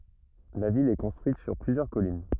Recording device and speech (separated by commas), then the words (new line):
rigid in-ear microphone, read sentence
La ville est construite sur plusieurs collines.